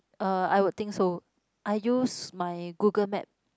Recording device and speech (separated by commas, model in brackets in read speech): close-talking microphone, conversation in the same room